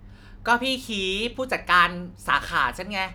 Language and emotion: Thai, neutral